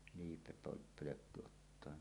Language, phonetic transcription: Finnish, 'liipepö- '-pölökku ottoa .
- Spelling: - liipepölkky ottaa

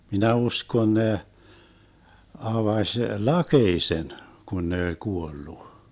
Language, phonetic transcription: Finnish, 'minä 'uskon 'ne , 'avaš "lakeisen , kun ne oĺ 'kuollu .
- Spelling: minä uskon ne avasi lakeisen kun ne oli kuollut

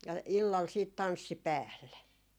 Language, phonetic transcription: Finnish, ja 'illal siit "tanssi "päälle .
- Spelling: ja illalla sitten tanssi päälle

